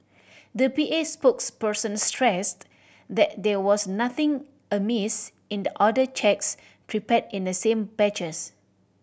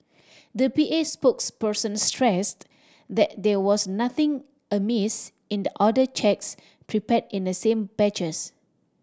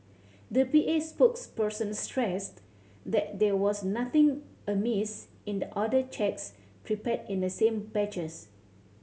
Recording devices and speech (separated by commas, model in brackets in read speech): boundary microphone (BM630), standing microphone (AKG C214), mobile phone (Samsung C7100), read sentence